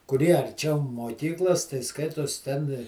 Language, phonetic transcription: Lithuanian, kuˈrie arˈčiau moˈkyklos tai ˈskaitos ten

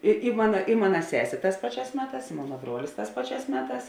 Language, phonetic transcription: Lithuanian, i i ˈmana i ˈmana ˈsesė ˈtās ˈpaˌčiās ˈmeˌtās i ˈmona ˈbruolis ˈtās ˈpaˌčiās ˈmeˌtās

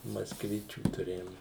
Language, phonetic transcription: Lithuanian, maskˈvičių tuˈrėjom

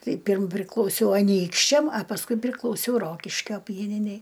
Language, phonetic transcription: Lithuanian, ˈtai ˈpyrm priklauˈsiau aˈnykščiam a pasˈkui priklauˈsiau ˈrokiškio ˈpieninei

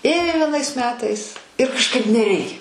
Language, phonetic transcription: Lithuanian, ˈėjo vieˈnais ˈmetais ir kažˈkaip neˈreikia

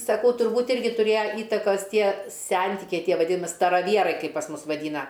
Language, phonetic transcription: Lithuanian, saˈkau turˈbūt' ˈirgi tuˈrėja ˈįtakos ˈtie ˈsentikiai ˈtie vaˈdimi staraˈvierai ˈkaip pas ˈmus vaˈdyna

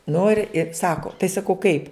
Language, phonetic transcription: Lithuanian, ˈnu ir i ˈsako tai saˈkau kaip

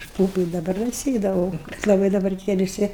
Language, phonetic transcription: Lithuanian, aš ˈpūpu i daˈbar da ˈsėdavau kad laˈbai daˈbar tie viˈsi

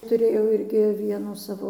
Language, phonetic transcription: Lithuanian, tuˈrėjau ˈirgi ˈvienų ˈsavo

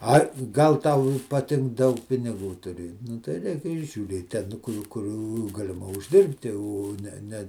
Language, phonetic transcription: Lithuanian, ˈai ˈgal ˈtau i paˈtink ˈdaug piniˈgų tuˈrė nu tai ˈreik ir žiūˈrėt ˈten ˈkur ˈkur galiˈma užˈdirbti o ˈne ˈne

